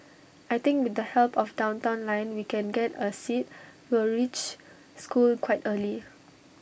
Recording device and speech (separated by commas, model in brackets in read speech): boundary microphone (BM630), read sentence